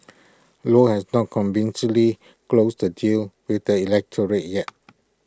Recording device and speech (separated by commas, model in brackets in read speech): close-talking microphone (WH20), read sentence